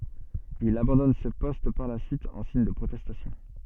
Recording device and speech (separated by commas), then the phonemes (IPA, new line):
soft in-ear microphone, read sentence
il abɑ̃dɔn sə pɔst paʁ la syit ɑ̃ siɲ də pʁotɛstasjɔ̃